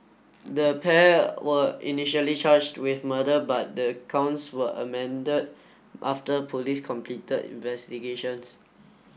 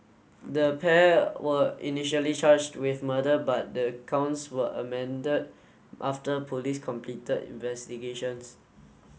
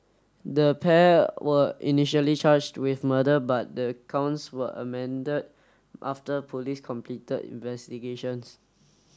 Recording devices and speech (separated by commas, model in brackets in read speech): boundary microphone (BM630), mobile phone (Samsung S8), standing microphone (AKG C214), read sentence